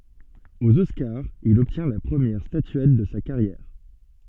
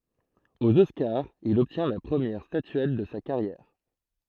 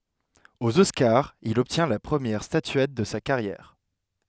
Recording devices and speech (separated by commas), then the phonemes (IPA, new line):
soft in-ear microphone, throat microphone, headset microphone, read sentence
oz ɔskaʁz il ɔbtjɛ̃ la pʁəmjɛʁ statyɛt də sa kaʁjɛʁ